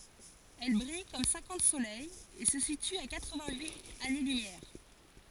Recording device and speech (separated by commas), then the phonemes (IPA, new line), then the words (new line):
forehead accelerometer, read sentence
ɛl bʁij kɔm sɛ̃kɑ̃t solɛjz e sə sity a katʁ vɛ̃t yit ane lymjɛʁ
Elle brille comme cinquante soleils et se situe à quatre-vingt-huit années-lumière.